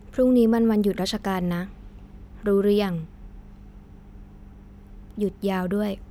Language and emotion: Thai, neutral